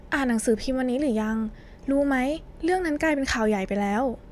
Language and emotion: Thai, frustrated